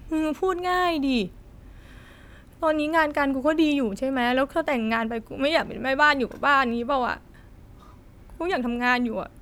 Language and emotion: Thai, sad